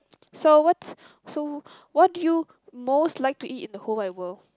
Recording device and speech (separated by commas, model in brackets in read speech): close-talking microphone, conversation in the same room